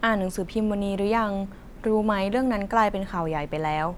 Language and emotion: Thai, neutral